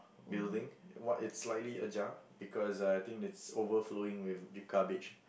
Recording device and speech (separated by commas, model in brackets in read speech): boundary microphone, conversation in the same room